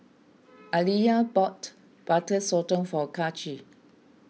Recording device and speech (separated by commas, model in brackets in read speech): mobile phone (iPhone 6), read sentence